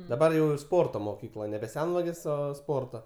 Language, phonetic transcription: Lithuanian, daˈbar jau ir ˈsporto moˈkykla nebe ˈsenvagės ˈo ˈsporto

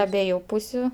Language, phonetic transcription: Lithuanian, aˈbieju ˈpūsiu

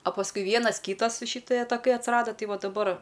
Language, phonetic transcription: Lithuanian, a pasˈkui ˈvienas ˈkytas šɨˈtɜ taˈkai atsiˈrada ˈtai ˈva daˈbar

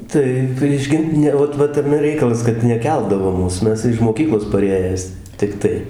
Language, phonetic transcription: Lithuanian, ˈtai prieš ˈgint ˈne ˈot ˈvat taˈme ˈreikalas kad neˈkeldavo ˈmūs ˈmes iž moˈkyklos paˈrėjęs tikˈtai

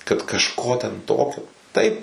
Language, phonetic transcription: Lithuanian, kad kažˈko ten ˈtokio ˈtaip

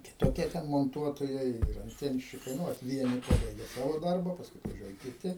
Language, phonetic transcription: Lithuanian, kitoˈkie ten monˈtuotojai ir anˈtienščikai ˈnu vat ˈvieni ˈpabaigia ˈsavo ˈdarba ˈpaskui atvaˈžiuoja kiˈti

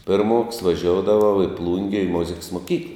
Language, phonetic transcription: Lithuanian, ˈpirˌmoks vaˈžioudavau į ˈplūnge į ˈmuziks moˈkykla

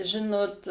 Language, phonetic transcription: Lithuanian, ˈžinot

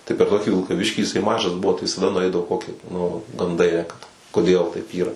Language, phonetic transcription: Lithuanian, tai per ˈtoki vilkaˈviškį jiˈsai ˈmažas ˈbuvo tai visaˈda nuˈaidavo ˈkoki nu ganˈdai ˈėja kad koˈdėl taip ˈyra

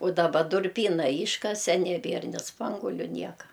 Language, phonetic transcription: Lithuanian, u daˈba durˈpyna ˈyškase neˈbėr ni ˈspanguoliu ˈnieka

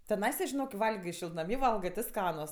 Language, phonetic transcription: Lithuanian, teˈnaisa žiˈnok ki ˈvalgio šiltnaˈmy ˈvalgɜ ti ˈskanus

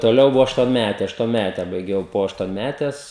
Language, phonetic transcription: Lithuanian, toˈliau ˈbuva aštuonˈmæte aštuonˈmæte baiˈgiau po aštuonˈmætes

